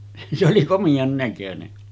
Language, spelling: Finnish, se oli komean näköinen
- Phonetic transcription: se oli 'komiʲaŋ näkönen .

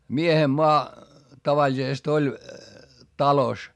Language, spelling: Finnish, miehen maa tavallisesti oli talossa
- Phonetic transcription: miehem moa , tavaĺisest ‿oĺ , talos .

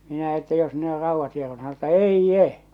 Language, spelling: Finnish, minä että jos ne on raudat hieronut sanoi että ei
- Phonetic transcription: minä että » jos ne or 'rauvvat hierᴏɴᴜ « sano että » "eij'je ! «

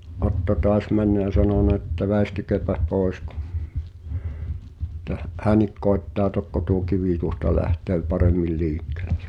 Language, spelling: Finnish, Otto taas mennyt ja sanonut että väistykääpä pois - että - hänkin koettaa tokko tuo kivi tuosta lähtee paremmin liikkeelle
- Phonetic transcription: 'Otto "toas männä jä 'sanòna että » "vä̀i̬stykeä̀päʰ̳ 'pòes kᴜ , [e]ttä h- , "hän̆nik koettaa "tokko tuo 'kivì tuosta 'lähtöö 'paremmil "liikkᴇ̳ʟᴇ « .

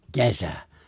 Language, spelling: Finnish, kesä
- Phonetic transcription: ke̬sä .

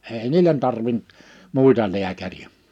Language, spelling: Finnish, ei niille tarvinnut muita lääkäreitä
- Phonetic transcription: 'ei "niilen tarvin(t) , 'mùita 'liäkäri₍ä .

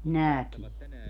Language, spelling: Finnish, näkee
- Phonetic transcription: "näkie .

